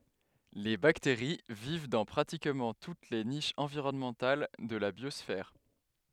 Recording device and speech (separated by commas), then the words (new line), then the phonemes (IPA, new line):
headset microphone, read sentence
Les bactéries vivent dans pratiquement toutes les niches environnementales de la biosphère.
le bakteʁi viv dɑ̃ pʁatikmɑ̃ tut le niʃz ɑ̃viʁɔnmɑ̃tal də la bjɔsfɛʁ